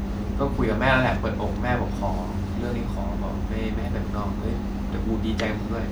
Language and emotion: Thai, frustrated